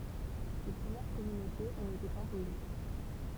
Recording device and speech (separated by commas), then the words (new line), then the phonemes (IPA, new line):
temple vibration pickup, read sentence
Ces premières communautés ont été imposées.
se pʁəmjɛʁ kɔmynotez ɔ̃t ete ɛ̃poze